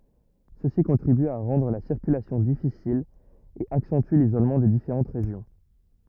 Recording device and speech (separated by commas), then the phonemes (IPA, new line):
rigid in-ear microphone, read sentence
səsi kɔ̃tʁiby a ʁɑ̃dʁ la siʁkylasjɔ̃ difisil e aksɑ̃ty lizolmɑ̃ de difeʁɑ̃t ʁeʒjɔ̃